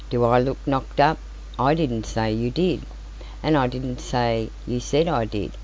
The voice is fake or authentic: authentic